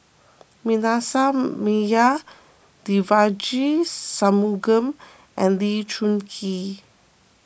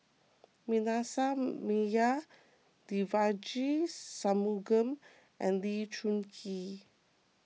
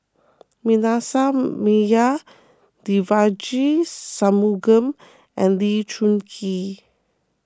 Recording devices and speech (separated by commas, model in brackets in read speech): boundary microphone (BM630), mobile phone (iPhone 6), close-talking microphone (WH20), read sentence